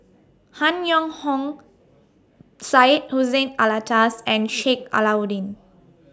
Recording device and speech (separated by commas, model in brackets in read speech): standing microphone (AKG C214), read sentence